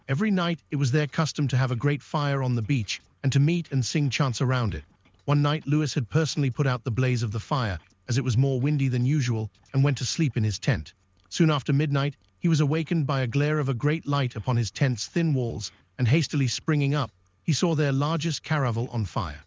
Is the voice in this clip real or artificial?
artificial